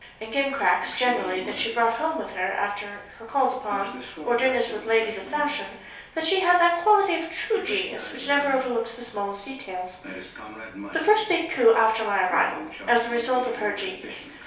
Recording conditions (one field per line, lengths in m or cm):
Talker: one person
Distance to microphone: 3.0 m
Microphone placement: far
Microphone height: 1.8 m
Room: small (3.7 m by 2.7 m)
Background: television